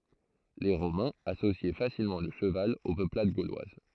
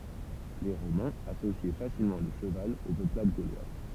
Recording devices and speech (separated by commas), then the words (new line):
throat microphone, temple vibration pickup, read sentence
Les Romains associaient facilement le cheval aux peuplades gauloises.